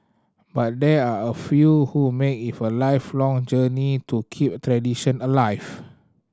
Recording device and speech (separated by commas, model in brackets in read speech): standing microphone (AKG C214), read sentence